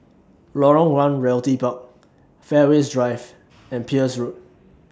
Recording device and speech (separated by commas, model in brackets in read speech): standing microphone (AKG C214), read sentence